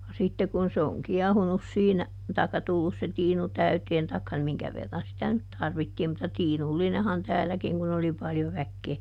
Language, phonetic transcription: Finnish, ja ˈsitte kun se oŋ ˈkiɛhunus siinä , taikka ˈtullus se ˈtiinu ˈtäyteen taikka (ni) ˈmiŋkä verran sitä nyt ˈtarvittiim - mutta ˈtiinullinehan ˈtäälläkiŋ kun ‿oli ˈpaljo ˈväkkee ,.
- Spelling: ja sitten kun se on kiehunut siinä tai tullut se tiinu täyteen tai niin minkä verran sitä nyt tarvittiin mutta tiinullinenhan täälläkin kun oli paljon väkeä

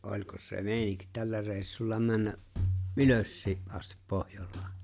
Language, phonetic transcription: Finnish, '’oĺkos se "me̬e̬ⁱniŋk 'tällä 're̬e̬ⁱssulla 'männä , "’ylössii , ’astip 'Pohjol̆laa ?
- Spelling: olikos se meininki tällä reissulla mennä ylöskin asti Pohjolaan

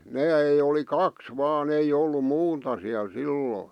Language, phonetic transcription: Finnish, nää ei oli "kaks "vaan ‿ei 'ollum "muun̳ta siäl "silloi .
- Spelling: nämä ei oli kaksi vain ei ollut muuta siellä silloin

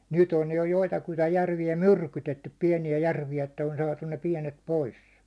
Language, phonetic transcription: Finnish, 'nyt ‿on jo 'joitakuita) 'järvi₍ä "myrkytettyp 'piɛni₍ä 'järvi₍ä että on 'saatun ne 'piɛnet "pois .
- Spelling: nyt on jo joitakuita järviä myrkytetty pieniä järviä että on saatu ne pienet pois

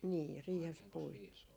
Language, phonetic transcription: Finnish, nii 'riihes 'puitii .
- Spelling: niin riihessä puitiin

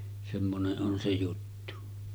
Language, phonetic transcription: Finnish, semmone’ ’on 'se 'juttu .
- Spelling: semmoinen on se juttu

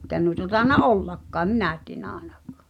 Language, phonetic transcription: Finnish, [ei]kä nuita 'tàena "’ollakkaa ᵉm 'minä tienä aenakᴀ̀ .
- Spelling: eikä noita tainnut ollakaan en minä tiedä ainakaan

